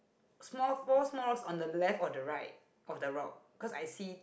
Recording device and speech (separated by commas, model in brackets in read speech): boundary microphone, conversation in the same room